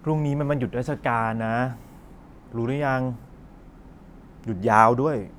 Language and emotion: Thai, frustrated